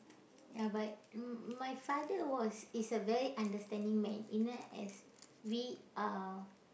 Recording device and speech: boundary microphone, conversation in the same room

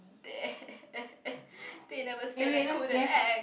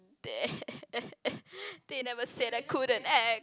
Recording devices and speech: boundary microphone, close-talking microphone, conversation in the same room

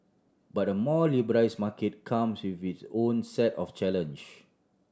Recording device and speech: standing microphone (AKG C214), read sentence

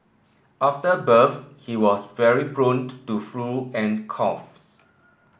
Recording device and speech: boundary microphone (BM630), read sentence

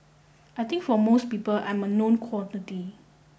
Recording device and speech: boundary microphone (BM630), read sentence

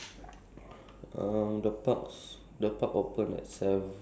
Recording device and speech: standing microphone, conversation in separate rooms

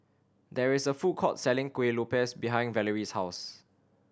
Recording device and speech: standing microphone (AKG C214), read sentence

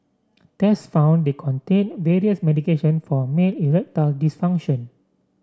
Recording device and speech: standing microphone (AKG C214), read sentence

